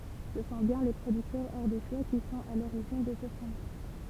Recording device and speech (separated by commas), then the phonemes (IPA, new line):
temple vibration pickup, read sentence
sə sɔ̃ bjɛ̃ le pʁodyktœʁz aʁdeʃwa ki sɔ̃t a loʁiʒin də sə fʁomaʒ